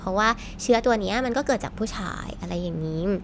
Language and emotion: Thai, neutral